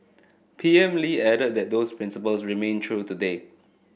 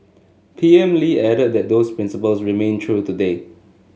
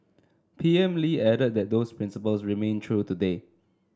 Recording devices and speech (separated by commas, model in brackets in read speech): boundary microphone (BM630), mobile phone (Samsung S8), standing microphone (AKG C214), read sentence